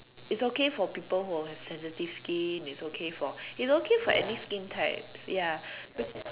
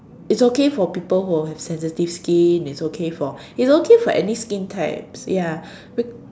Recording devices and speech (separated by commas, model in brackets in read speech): telephone, standing microphone, conversation in separate rooms